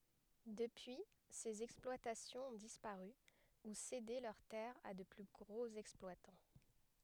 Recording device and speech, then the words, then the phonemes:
headset microphone, read sentence
Depuis, ces exploitations ont disparu, ou cédé leurs terres à de plus gros exploitants.
dəpyi sez ɛksplwatasjɔ̃z ɔ̃ dispaʁy u sede lœʁ tɛʁz a də ply ɡʁoz ɛksplwatɑ̃

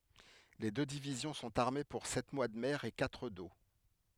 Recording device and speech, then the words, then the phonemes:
headset microphone, read sentence
Les deux divisions sont armées pour sept mois de mer et quatre d’eau.
le dø divizjɔ̃ sɔ̃t aʁme puʁ sɛt mwa də mɛʁ e katʁ do

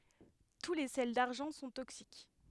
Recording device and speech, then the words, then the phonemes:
headset microphone, read sentence
Tous les sels d'argent sont toxiques.
tu le sɛl daʁʒɑ̃ sɔ̃ toksik

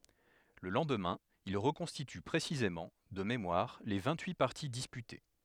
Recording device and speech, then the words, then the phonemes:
headset microphone, read sentence
Le lendemain, il reconstitue précisément, de mémoire, les vingt-huit parties disputées.
lə lɑ̃dmɛ̃ il ʁəkɔ̃stity pʁesizemɑ̃ də memwaʁ le vɛ̃t yi paʁti dispyte

